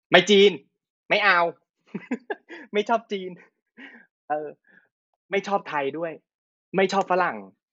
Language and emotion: Thai, happy